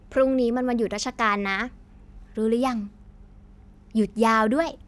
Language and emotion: Thai, happy